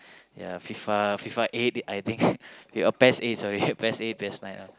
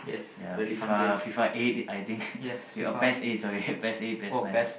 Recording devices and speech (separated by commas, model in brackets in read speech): close-talking microphone, boundary microphone, conversation in the same room